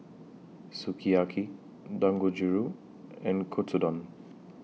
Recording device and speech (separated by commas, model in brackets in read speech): mobile phone (iPhone 6), read sentence